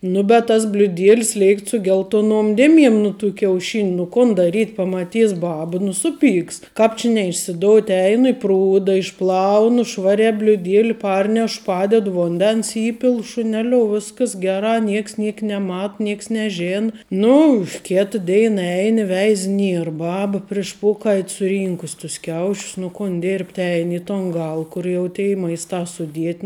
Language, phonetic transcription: Lithuanian, ˈnu bet tas bliuˈdielˈs ˈleikt su ˈgeltoˌnuom ˈdėˌmiem nu tų kiauˈšiniu nu ˈkun daˈryt' pamaˈtys ˈbaba nu ˈsuˌpyks ˈkāp či neišsiˈdout' ˈeinu i ˈprūda išˈplaunu ˈšvariā bliuˈdėli ˈparneš ˈpaded vunˈdens ˈįpil šuˈneliou ˈviskas ˈgerā ˈnieks ˈniek neˈmat ˈnieks neˈžėn ˈnu ˈkėta ˈdeina ˈein i ˈveiz ˈnier ˈbaba priš ˈpokait' suˈrynkus tus ˈkiaušius nu ˈkun ˈdirbt' ˈein i ton ˈgal ˈkur jau tei ˈmaistā suˈdiet'

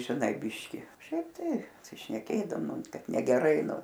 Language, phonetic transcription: Lithuanian, žiˈnai ˈbiški ˈšiaip ˈtai pasišneˈkėdavom ˈnu ˈkad negeˈrai ˈnu

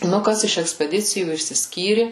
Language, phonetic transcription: Lithuanian, nu ˈkas iš ekspeˈdicijų išsisˈkyri

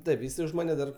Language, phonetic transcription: Lithuanian, ˈtaip jiˈsai už ˈmane dar

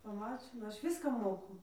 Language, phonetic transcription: Lithuanian, paˈmačina ˈaš ˈviską ˈmoku

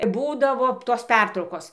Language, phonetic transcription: Lithuanian, ˈbūdavo tos ˈpertraukos

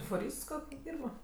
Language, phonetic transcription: Lithuanian, fuˈryst ˈkok' ˈdyrba

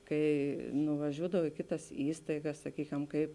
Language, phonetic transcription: Lithuanian, ˈkai nuvaˈžiūdav i ˈkiˌtas ˈįstaigas saˈkykem ˈkaip

